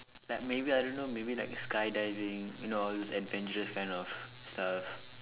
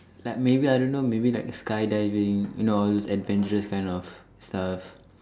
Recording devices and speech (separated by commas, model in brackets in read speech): telephone, standing microphone, conversation in separate rooms